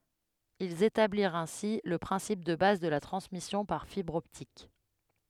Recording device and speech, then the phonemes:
headset microphone, read sentence
ilz etabliʁt ɛ̃si lə pʁɛ̃sip də baz də la tʁɑ̃smisjɔ̃ paʁ fibʁ ɔptik

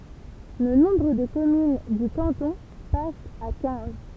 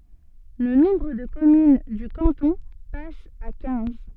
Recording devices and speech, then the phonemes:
temple vibration pickup, soft in-ear microphone, read sentence
lə nɔ̃bʁ də kɔmyn dy kɑ̃tɔ̃ pas a kɛ̃z

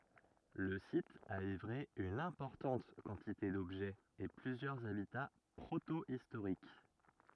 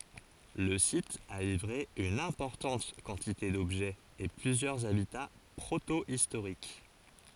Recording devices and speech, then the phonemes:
rigid in-ear microphone, forehead accelerometer, read sentence
lə sit a livʁe yn ɛ̃pɔʁtɑ̃t kɑ̃tite dɔbʒɛz e plyzjœʁz abita pʁotoistoʁik

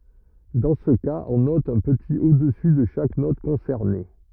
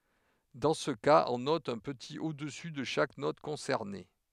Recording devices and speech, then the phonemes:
rigid in-ear microphone, headset microphone, read sentence
dɑ̃ sə kaz ɔ̃ nɔt œ̃ pətit odəsy də ʃak nɔt kɔ̃sɛʁne

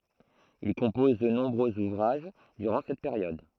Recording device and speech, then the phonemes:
throat microphone, read sentence
il kɔ̃pɔz də nɔ̃bʁøz uvʁaʒ dyʁɑ̃ sɛt peʁjɔd

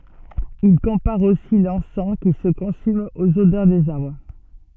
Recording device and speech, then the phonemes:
soft in-ear microphone, read sentence
il kɔ̃paʁ osi lɑ̃sɑ̃ ki sə kɔ̃sym oz odœʁ dez aʁbʁ

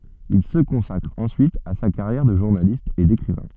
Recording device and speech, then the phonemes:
soft in-ear microphone, read sentence
il sə kɔ̃sakʁ ɑ̃syit a sa kaʁjɛʁ də ʒuʁnalist e dekʁivɛ̃

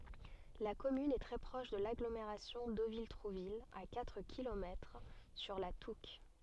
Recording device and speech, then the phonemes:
soft in-ear microphone, read sentence
la kɔmyn ɛ tʁɛ pʁɔʃ də laɡlomeʁasjɔ̃ dovil tʁuvil a katʁ kilomɛtʁ syʁ la tuk

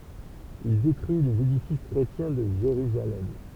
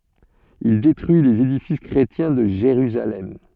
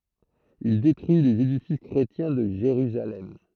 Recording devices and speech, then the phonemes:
temple vibration pickup, soft in-ear microphone, throat microphone, read sentence
il detʁyi lez edifis kʁetjɛ̃ də ʒeʁyzalɛm

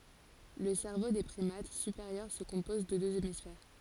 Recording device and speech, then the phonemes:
forehead accelerometer, read sentence
lə sɛʁvo de pʁimat sypeʁjœʁ sə kɔ̃pɔz də døz emisfɛʁ

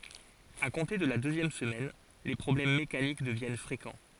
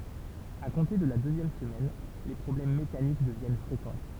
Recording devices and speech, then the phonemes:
forehead accelerometer, temple vibration pickup, read sentence
a kɔ̃te də la døzjɛm səmɛn le pʁɔblɛm mekanik dəvjɛn fʁekɑ̃

